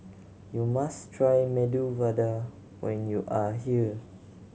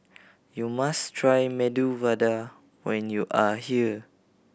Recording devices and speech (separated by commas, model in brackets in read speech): mobile phone (Samsung C7100), boundary microphone (BM630), read sentence